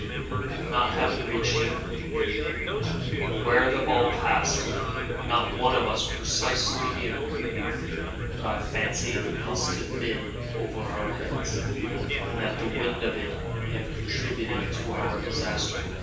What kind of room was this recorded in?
A big room.